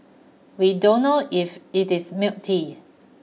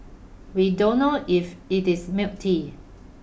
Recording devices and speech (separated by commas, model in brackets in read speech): mobile phone (iPhone 6), boundary microphone (BM630), read sentence